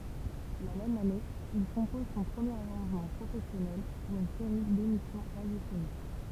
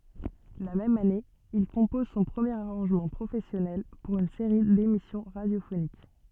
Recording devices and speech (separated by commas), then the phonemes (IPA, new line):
temple vibration pickup, soft in-ear microphone, read sentence
la mɛm ane il kɔ̃pɔz sɔ̃ pʁəmjeʁ aʁɑ̃ʒmɑ̃ pʁofɛsjɔnɛl puʁ yn seʁi demisjɔ̃ ʁadjofonik